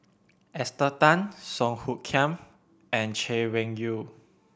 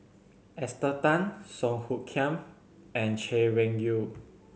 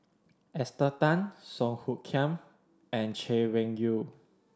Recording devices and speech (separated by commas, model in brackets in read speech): boundary microphone (BM630), mobile phone (Samsung C7100), standing microphone (AKG C214), read sentence